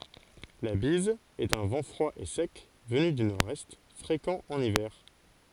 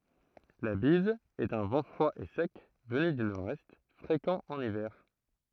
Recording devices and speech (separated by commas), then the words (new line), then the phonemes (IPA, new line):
forehead accelerometer, throat microphone, read sentence
La bise est un vent froid et sec venu du nord-est, fréquent en hiver.
la biz ɛt œ̃ vɑ̃ fʁwa e sɛk vəny dy noʁɛst fʁekɑ̃ ɑ̃n ivɛʁ